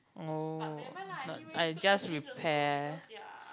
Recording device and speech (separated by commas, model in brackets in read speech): close-talking microphone, conversation in the same room